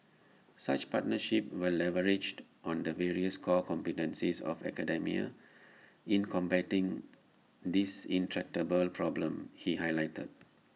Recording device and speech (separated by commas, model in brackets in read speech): mobile phone (iPhone 6), read sentence